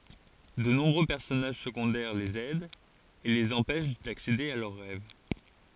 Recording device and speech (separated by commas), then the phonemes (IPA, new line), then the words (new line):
forehead accelerometer, read sentence
də nɔ̃bʁø pɛʁsɔnaʒ səɡɔ̃dɛʁ lez ɛdt e lez ɑ̃pɛʃ daksede a lœʁ ʁɛv
De nombreux personnages secondaires les aident et les empêchent d'accéder à leurs rêves.